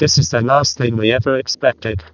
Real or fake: fake